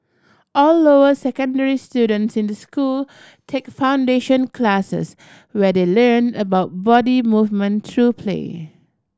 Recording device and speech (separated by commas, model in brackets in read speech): standing microphone (AKG C214), read sentence